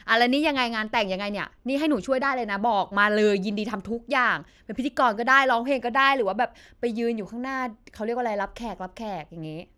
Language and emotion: Thai, happy